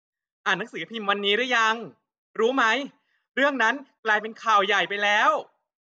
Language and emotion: Thai, frustrated